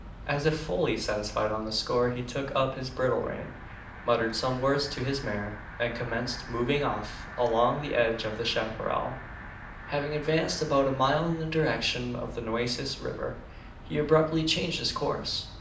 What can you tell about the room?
A mid-sized room (about 5.7 m by 4.0 m).